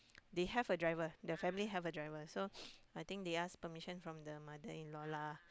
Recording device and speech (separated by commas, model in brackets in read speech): close-talking microphone, conversation in the same room